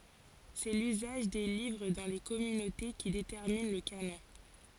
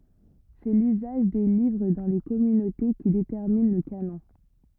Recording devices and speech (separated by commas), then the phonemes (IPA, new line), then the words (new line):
forehead accelerometer, rigid in-ear microphone, read sentence
sɛ lyzaʒ de livʁ dɑ̃ le kɔmynote ki detɛʁmin lə kanɔ̃
C'est l'usage des livres dans les communautés qui détermine le canon.